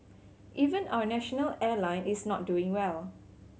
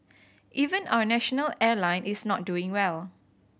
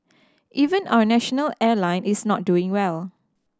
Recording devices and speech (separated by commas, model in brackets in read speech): mobile phone (Samsung C7100), boundary microphone (BM630), standing microphone (AKG C214), read sentence